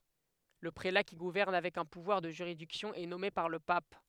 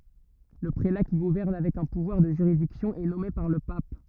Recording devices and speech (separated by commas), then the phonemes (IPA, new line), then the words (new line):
headset microphone, rigid in-ear microphone, read sentence
lə pʁela ki ɡuvɛʁn avɛk œ̃ puvwaʁ də ʒyʁidiksjɔ̃ ɛ nɔme paʁ lə pap
Le prélat qui gouverne avec un pouvoir de juridiction est nommé par le pape.